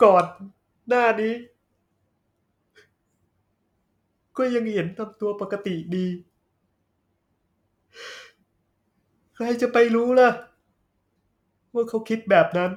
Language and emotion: Thai, sad